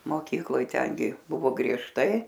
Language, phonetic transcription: Lithuanian, moˈkykloj ˈtengi ˈbuvo griežˈtai

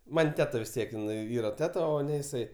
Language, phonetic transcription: Lithuanian, ˈman' ˈteta vis ˈtiek in ˈyra ˈteta o ˈne jiˈsai

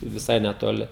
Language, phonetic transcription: Lithuanian, viˈsai netoˈli

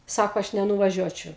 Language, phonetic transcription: Lithuanian, ˈsako ˈaš nenuvaˈžiuočiau

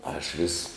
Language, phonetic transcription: Lithuanian, ˈaš ˈvis

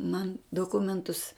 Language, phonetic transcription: Lithuanian, man doˈkumentus

